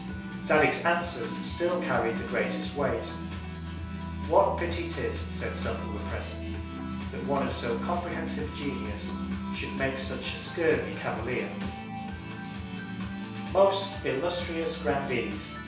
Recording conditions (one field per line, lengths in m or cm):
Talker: one person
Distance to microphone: 3.0 m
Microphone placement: far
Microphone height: 1.8 m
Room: small (3.7 m by 2.7 m)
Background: music